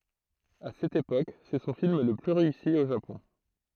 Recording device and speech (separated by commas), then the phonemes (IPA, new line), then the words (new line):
throat microphone, read sentence
a sɛt epok sɛ sɔ̃ film lə ply ʁeysi o ʒapɔ̃
À cette époque, c'est son film le plus réussi au Japon.